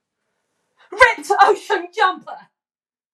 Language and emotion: English, angry